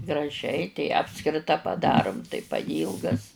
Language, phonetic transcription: Lithuanian, graˈžiai tei ˈapskrita paˈdarum tai paˈjylgas

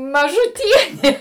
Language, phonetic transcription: Lithuanian, mažuˈtienė

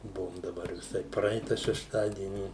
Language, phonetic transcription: Lithuanian, ˈbuvom daˈbar viˈsai ˈpraita šešˈtadieni

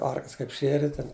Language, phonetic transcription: Lithuanian, ˈarklis ˈkaip ˈšieri ˈten

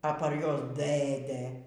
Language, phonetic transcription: Lithuanian, a par ˈjuos ˈdɘdɘ

